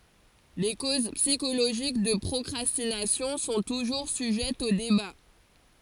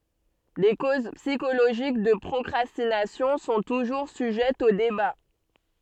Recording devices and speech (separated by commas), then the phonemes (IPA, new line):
forehead accelerometer, soft in-ear microphone, read sentence
le koz psikoloʒik də pʁɔkʁastinasjɔ̃ sɔ̃ tuʒuʁ syʒɛtz o deba